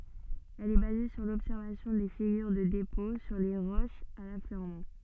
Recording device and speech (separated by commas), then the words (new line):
soft in-ear microphone, read sentence
Elle est basée sur l'observation des figures de dépôt sur les roches à l'affleurement.